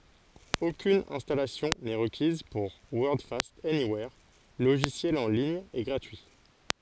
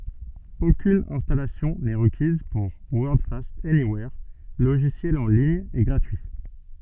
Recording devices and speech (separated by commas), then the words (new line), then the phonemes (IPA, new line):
forehead accelerometer, soft in-ear microphone, read sentence
Aucune installation n'est requise pour Wordfast Anywhere, logiciel en ligne et gratuit.
okyn ɛ̃stalasjɔ̃ nɛ ʁəkiz puʁ wɔʁdfast ɛniwɛʁ loʒisjɛl ɑ̃ liɲ e ɡʁatyi